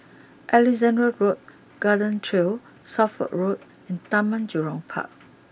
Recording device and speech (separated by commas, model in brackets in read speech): boundary microphone (BM630), read sentence